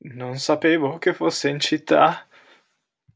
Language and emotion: Italian, fearful